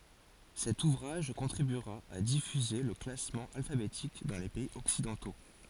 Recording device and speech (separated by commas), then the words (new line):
forehead accelerometer, read sentence
Cet ouvrage contribuera à diffuser le classement alphabétique dans les pays occidentaux.